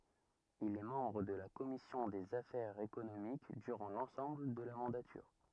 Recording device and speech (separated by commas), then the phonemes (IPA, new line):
rigid in-ear microphone, read sentence
il ɛ mɑ̃bʁ də la kɔmisjɔ̃ dez afɛʁz ekonomik dyʁɑ̃ lɑ̃sɑ̃bl də la mɑ̃datyʁ